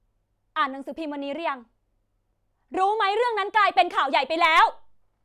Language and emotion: Thai, angry